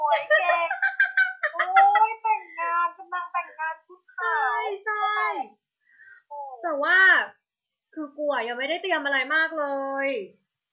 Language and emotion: Thai, happy